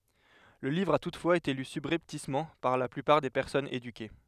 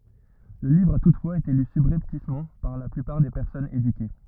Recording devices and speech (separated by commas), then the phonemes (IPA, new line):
headset microphone, rigid in-ear microphone, read sentence
lə livʁ a tutfwaz ete ly sybʁɛptismɑ̃ paʁ la plypaʁ de pɛʁsɔnz edyke